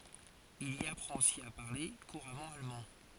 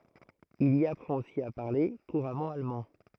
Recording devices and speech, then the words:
forehead accelerometer, throat microphone, read sentence
Il y apprend aussi à parler couramment allemand.

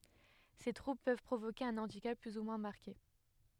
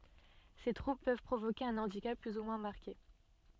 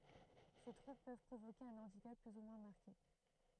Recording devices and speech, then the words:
headset microphone, soft in-ear microphone, throat microphone, read sentence
Ces troubles peuvent provoquer un handicap plus ou moins marqué.

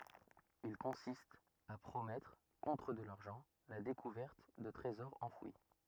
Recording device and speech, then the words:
rigid in-ear microphone, read sentence
Il consiste à promettre, contre de l'argent, la découverte de trésors enfouis.

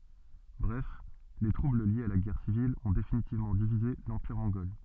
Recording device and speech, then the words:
soft in-ear microphone, read sentence
Bref, les troubles liés à la guerre civile ont définitivement divisé l'empire mongol.

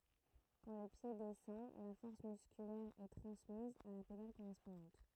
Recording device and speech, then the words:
throat microphone, read sentence
Quand le pied descend, la force musculaire est transmise à la pédale correspondante.

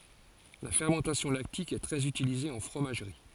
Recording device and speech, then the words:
forehead accelerometer, read sentence
La fermentation lactique est très utilisée en fromagerie.

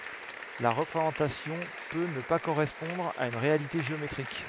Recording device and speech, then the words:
headset microphone, read sentence
La représentation peut ne pas correspondre à une réalité géométrique.

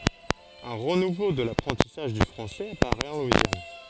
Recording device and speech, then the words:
forehead accelerometer, read sentence
Un renouveau de l'apprentissage du français apparaît en Louisiane.

